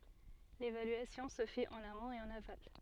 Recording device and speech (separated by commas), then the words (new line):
soft in-ear microphone, read sentence
L'évaluation se fait en amont et en aval.